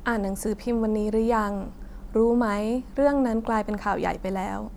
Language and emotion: Thai, sad